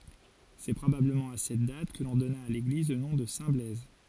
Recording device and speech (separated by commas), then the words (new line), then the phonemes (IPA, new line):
forehead accelerometer, read sentence
C’est probablement à cette date que l’on donna à l’église le nom de Saint-Blaise.
sɛ pʁobabləmɑ̃ a sɛt dat kə lɔ̃ dɔna a leɡliz lə nɔ̃ də sɛ̃tblɛz